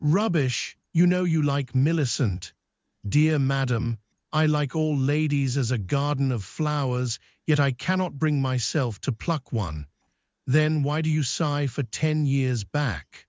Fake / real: fake